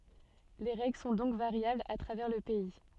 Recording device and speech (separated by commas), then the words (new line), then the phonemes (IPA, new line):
soft in-ear microphone, read sentence
Les règles sont donc variables à travers le pays.
le ʁɛɡl sɔ̃ dɔ̃k vaʁjablz a tʁavɛʁ lə pɛi